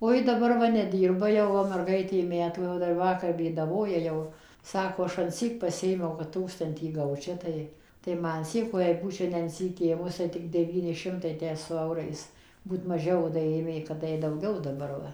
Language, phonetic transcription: Lithuanian, o ˈji daˈbar ˈva neˈdyrba jau o merˈgaitė ˈmetų jau ˈdar ˈvakar bėdaˈvoja ˈjau ˈsako ˈaš anˈsyk paˈsiėmiau kad ˈtūkstantį ˈgaučia ˈtai tai ˈma anˈsyk o jei ˈbūčia ne anˈsyk ˈėmus tai ˈtik deˈvyni ˈšimtai ˈtę su ˈaurais ˈbūt maˈžiau o da ˈėmė kad ˈjai dauˈgiau daˈbar ˈva

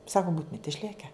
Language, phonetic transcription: Lithuanian, ˈsaku ˈbūtumit išˈlėke

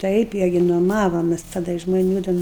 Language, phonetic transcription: Lithuanian, ˈtaip ˈirgi nuoˈmavomes taˈda iš žmoˈnių ten

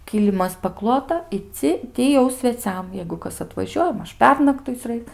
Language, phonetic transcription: Lithuanian, ˈkylimas paˈklota i ˈci ˈti jau sveˈciam jeigu ˈkas atvaˈžiuoja ˈmaž ˈpernaktuic' ˈraik

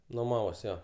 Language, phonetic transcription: Lithuanian, nuˈmavos ˈjo

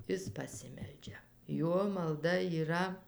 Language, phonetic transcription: Lithuanian, ˈis paˈsimeldžia ˈjuo malˈda yˈra

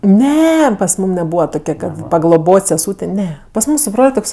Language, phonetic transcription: Lithuanian, ˈne pas ˈmūm neˈbūva ˈtokia pagloˈbot' seˈsūtė ˈne pas ˈmūm su ˈbrol' ˈtoks

